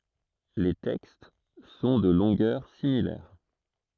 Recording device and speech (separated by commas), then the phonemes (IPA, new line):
throat microphone, read sentence
le tɛkst sɔ̃ də lɔ̃ɡœʁ similɛʁ